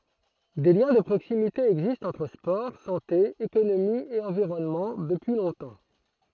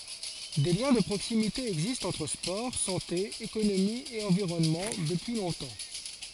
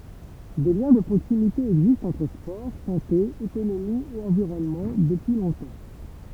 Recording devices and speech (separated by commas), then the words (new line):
throat microphone, forehead accelerometer, temple vibration pickup, read sentence
Des liens de proximité existent entre sport, santé, économie et environnement, depuis longtemps.